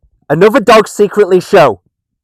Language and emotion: English, sad